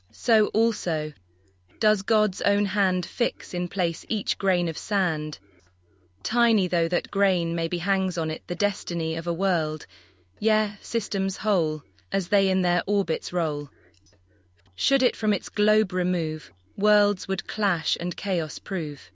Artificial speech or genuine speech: artificial